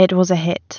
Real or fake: real